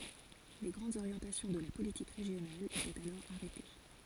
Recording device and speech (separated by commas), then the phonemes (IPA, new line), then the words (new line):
forehead accelerometer, read sentence
le ɡʁɑ̃dz oʁjɑ̃tasjɔ̃ də la politik ʁeʒjonal etɛt alɔʁ aʁɛte
Les grandes orientations de la politique régionale étaient alors arrêtées.